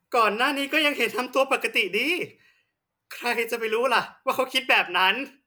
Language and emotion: Thai, happy